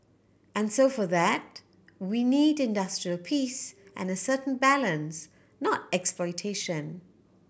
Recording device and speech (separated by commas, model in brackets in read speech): boundary microphone (BM630), read sentence